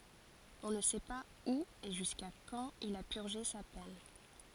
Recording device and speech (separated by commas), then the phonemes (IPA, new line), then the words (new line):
forehead accelerometer, read sentence
ɔ̃ nə sɛ paz u e ʒyska kɑ̃t il a pyʁʒe sa pɛn
On ne sait pas où et jusqu'à quand il a purgé sa peine.